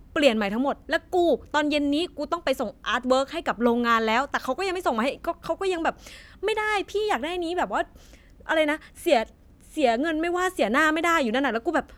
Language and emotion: Thai, angry